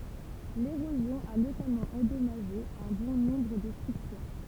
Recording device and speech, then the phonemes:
temple vibration pickup, read sentence
leʁozjɔ̃ a notamɑ̃ ɑ̃dɔmaʒe œ̃ bɔ̃ nɔ̃bʁ də stʁyktyʁ

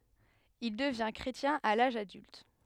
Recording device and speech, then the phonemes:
headset microphone, read sentence
il dəvɛ̃ kʁetjɛ̃ a laʒ adylt

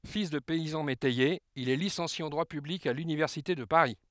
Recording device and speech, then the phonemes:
headset microphone, read sentence
fil də pɛizɑ̃ metɛjez il ɛ lisɑ̃sje ɑ̃ dʁwa pyblik a lynivɛʁsite də paʁi

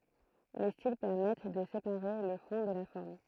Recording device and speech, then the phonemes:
throat microphone, read sentence
le stil pɛʁmɛt də sepaʁe lə fɔ̃ də la fɔʁm

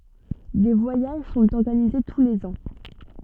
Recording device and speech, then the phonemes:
soft in-ear microphone, read sentence
de vwajaʒ sɔ̃t ɔʁɡanize tu lez ɑ̃

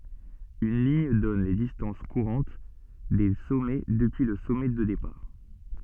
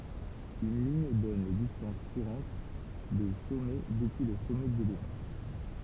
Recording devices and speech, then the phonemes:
soft in-ear microphone, temple vibration pickup, read sentence
yn liɲ dɔn le distɑ̃s kuʁɑ̃t de sɔmɛ dəpyi lə sɔmɛ də depaʁ

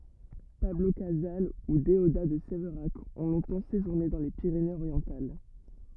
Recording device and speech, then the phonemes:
rigid in-ear microphone, read sentence
pablo kazal u deoda də sevʁak ɔ̃ lɔ̃tɑ̃ seʒuʁne dɑ̃ le piʁenez oʁjɑ̃tal

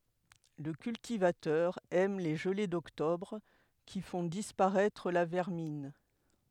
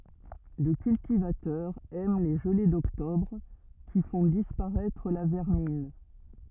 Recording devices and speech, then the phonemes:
headset microphone, rigid in-ear microphone, read sentence
lə kyltivatœʁ ɛm le ʒəle dɔktɔbʁ ki fɔ̃ dispaʁɛtʁ la vɛʁmin

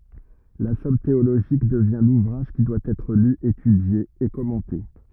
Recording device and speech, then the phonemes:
rigid in-ear microphone, read sentence
la sɔm teoloʒik dəvjɛ̃ luvʁaʒ ki dwa ɛtʁ ly etydje e kɔmɑ̃te

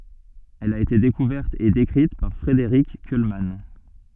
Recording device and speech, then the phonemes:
soft in-ear microphone, read sentence
ɛl a ete dekuvɛʁt e dekʁit paʁ fʁedeʁik kylman

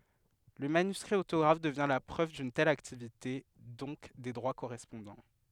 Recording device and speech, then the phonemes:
headset microphone, read sentence
lə manyskʁi otoɡʁaf dəvjɛ̃ la pʁøv dyn tɛl aktivite dɔ̃k de dʁwa koʁɛspɔ̃dɑ̃

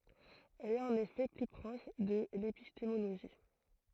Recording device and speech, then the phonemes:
throat microphone, read sentence
ɛl ɛt ɑ̃n efɛ ply pʁɔʃ də lepistemoloʒi

